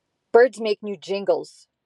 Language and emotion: English, angry